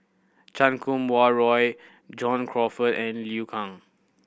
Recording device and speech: boundary microphone (BM630), read sentence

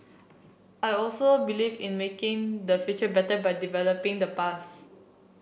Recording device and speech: boundary microphone (BM630), read sentence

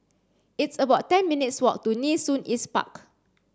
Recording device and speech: standing microphone (AKG C214), read sentence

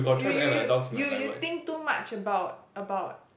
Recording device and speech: boundary microphone, conversation in the same room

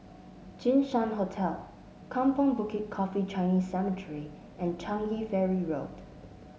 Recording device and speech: mobile phone (Samsung S8), read sentence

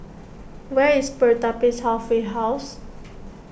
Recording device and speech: boundary microphone (BM630), read sentence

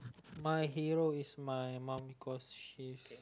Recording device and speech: close-talking microphone, conversation in the same room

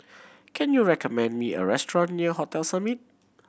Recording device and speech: boundary microphone (BM630), read sentence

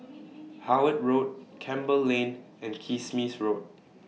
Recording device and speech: mobile phone (iPhone 6), read sentence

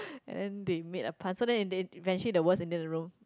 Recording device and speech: close-talking microphone, conversation in the same room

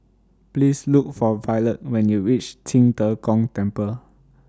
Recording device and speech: standing microphone (AKG C214), read sentence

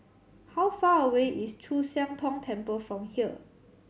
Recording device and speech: mobile phone (Samsung C7100), read sentence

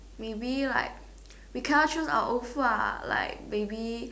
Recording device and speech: standing microphone, conversation in separate rooms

